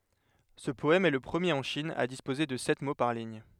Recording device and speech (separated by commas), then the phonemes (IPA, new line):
headset microphone, read sentence
sə pɔɛm ɛ lə pʁəmjeʁ ɑ̃ ʃin a dispoze də sɛt mo paʁ liɲ